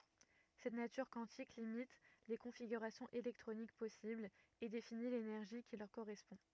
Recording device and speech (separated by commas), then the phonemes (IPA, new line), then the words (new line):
rigid in-ear microphone, read sentence
sɛt natyʁ kwɑ̃tik limit le kɔ̃fiɡyʁasjɔ̃z elɛktʁonik pɔsiblz e defini lenɛʁʒi ki lœʁ koʁɛspɔ̃
Cette nature quantique limite les configurations électroniques possibles et définit l'énergie qui leur correspond.